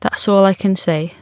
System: none